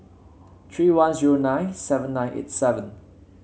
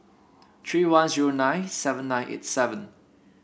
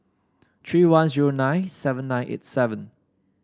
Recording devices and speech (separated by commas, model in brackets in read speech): mobile phone (Samsung C7), boundary microphone (BM630), standing microphone (AKG C214), read sentence